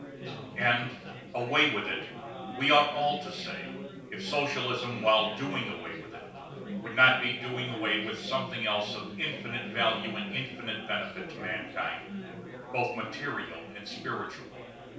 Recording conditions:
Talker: one person; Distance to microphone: 3.0 m; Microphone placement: far; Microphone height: 1.8 m; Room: small (3.7 m by 2.7 m); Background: babble

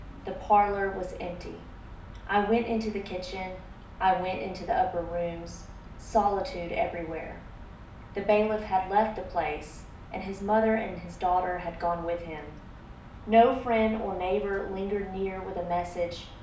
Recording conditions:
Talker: one person; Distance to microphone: 2.0 m; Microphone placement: close; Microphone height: 99 cm; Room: medium-sized (5.7 m by 4.0 m); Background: none

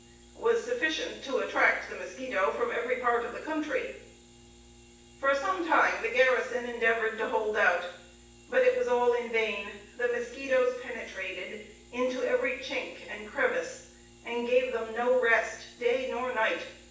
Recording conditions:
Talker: one person; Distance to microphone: 9.8 m; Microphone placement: far; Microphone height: 1.8 m; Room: large; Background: none

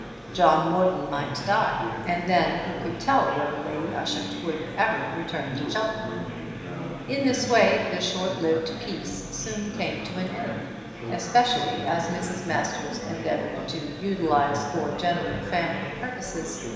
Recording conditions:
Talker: one person; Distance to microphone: 1.7 m; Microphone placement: close; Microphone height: 1.0 m; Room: very reverberant, large; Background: babble

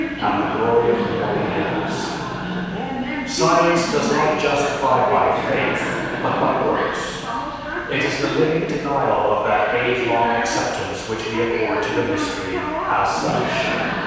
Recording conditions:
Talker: one person; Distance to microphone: 7.1 m; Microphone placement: far; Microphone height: 1.7 m; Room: very reverberant, large; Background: television

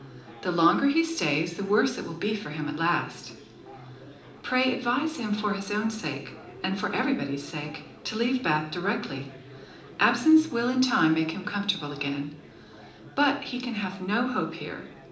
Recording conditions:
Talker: one person; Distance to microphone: 2.0 m; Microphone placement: close; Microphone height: 99 cm; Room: medium-sized (5.7 m by 4.0 m); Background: babble

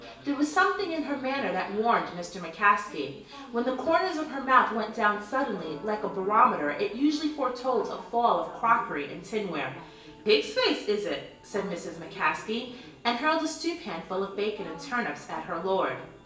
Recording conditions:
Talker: one person; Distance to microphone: 1.8 m; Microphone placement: close; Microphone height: 1.0 m; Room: large; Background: television

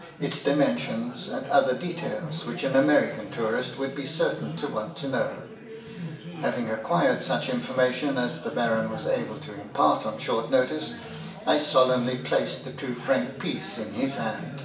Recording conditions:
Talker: one person; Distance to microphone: 1.8 m; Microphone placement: close; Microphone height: 1.0 m; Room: large; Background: babble

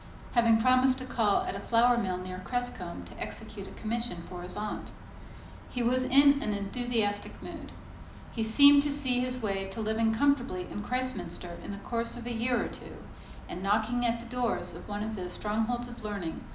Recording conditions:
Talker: one person; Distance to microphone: 2.0 m; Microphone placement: close; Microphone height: 99 cm; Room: medium-sized (5.7 m by 4.0 m); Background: none

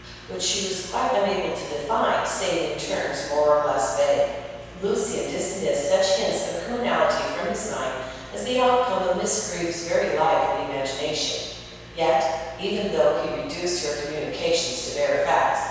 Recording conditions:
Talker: one person; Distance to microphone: 7.1 m; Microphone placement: far; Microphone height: 1.7 m; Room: very reverberant, large; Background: none

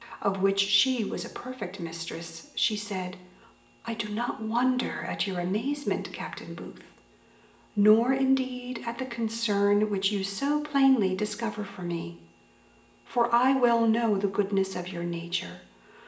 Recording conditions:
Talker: one person; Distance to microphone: 1.8 m; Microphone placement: close; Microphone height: 1.0 m; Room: large; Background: none

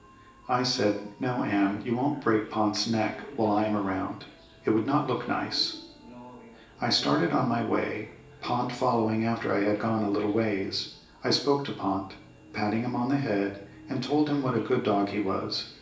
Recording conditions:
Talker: one person; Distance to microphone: 1.8 m; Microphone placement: close; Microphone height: 1.0 m; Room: large; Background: television

